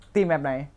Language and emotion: Thai, frustrated